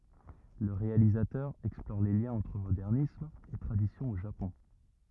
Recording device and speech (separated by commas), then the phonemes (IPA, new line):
rigid in-ear microphone, read sentence
lə ʁealizatœʁ ɛksplɔʁ le ljɛ̃z ɑ̃tʁ modɛʁnism e tʁadisjɔ̃ o ʒapɔ̃